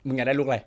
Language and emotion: Thai, frustrated